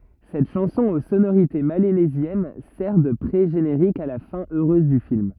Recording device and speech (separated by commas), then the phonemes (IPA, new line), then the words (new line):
rigid in-ear microphone, read sentence
sɛt ʃɑ̃sɔ̃ o sonoʁite melanezjɛn sɛʁ də pʁeʒeneʁik a la fɛ̃ øʁøz dy film
Cette chanson aux sonorités mélanésiennes sert de pré-générique à la fin heureuse du film.